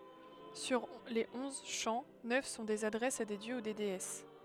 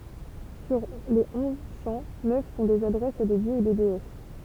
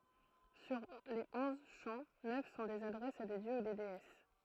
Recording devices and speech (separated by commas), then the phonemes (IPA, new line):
headset microphone, temple vibration pickup, throat microphone, read sentence
syʁ le ɔ̃z ʃɑ̃ nœf sɔ̃ dez adʁɛsz a de djø u deɛs